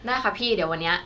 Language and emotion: Thai, neutral